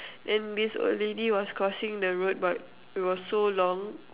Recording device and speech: telephone, conversation in separate rooms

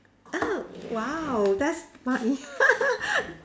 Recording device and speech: standing microphone, conversation in separate rooms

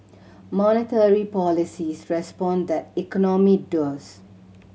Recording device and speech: mobile phone (Samsung C7100), read sentence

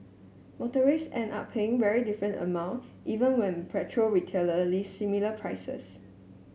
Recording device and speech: mobile phone (Samsung S8), read sentence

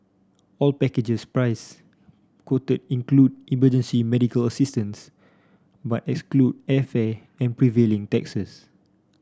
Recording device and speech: standing microphone (AKG C214), read sentence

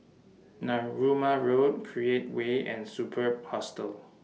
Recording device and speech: mobile phone (iPhone 6), read sentence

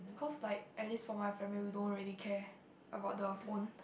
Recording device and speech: boundary microphone, conversation in the same room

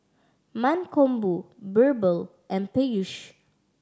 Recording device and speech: standing microphone (AKG C214), read sentence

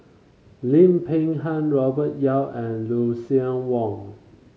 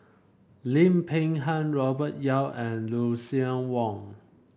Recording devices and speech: mobile phone (Samsung C5), boundary microphone (BM630), read sentence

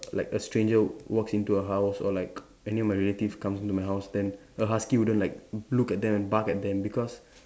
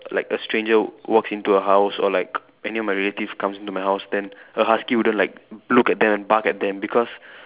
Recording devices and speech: standing microphone, telephone, conversation in separate rooms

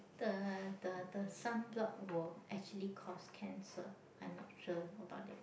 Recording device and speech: boundary microphone, conversation in the same room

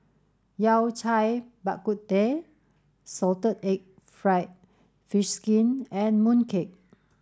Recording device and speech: standing microphone (AKG C214), read sentence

